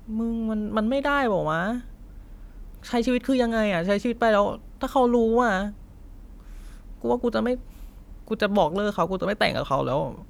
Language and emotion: Thai, frustrated